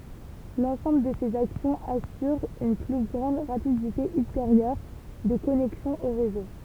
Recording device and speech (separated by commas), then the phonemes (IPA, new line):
temple vibration pickup, read sentence
lɑ̃sɑ̃bl də sez aksjɔ̃z asyʁ yn ply ɡʁɑ̃d ʁapidite ylteʁjœʁ də kɔnɛksjɔ̃ o ʁezo